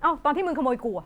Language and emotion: Thai, angry